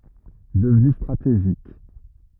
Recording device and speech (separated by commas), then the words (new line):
rigid in-ear microphone, read sentence
Devenue stratégique,